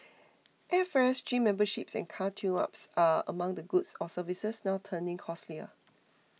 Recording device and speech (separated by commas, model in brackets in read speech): mobile phone (iPhone 6), read sentence